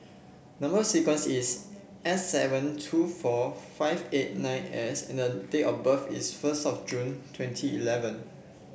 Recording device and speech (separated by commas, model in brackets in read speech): boundary microphone (BM630), read sentence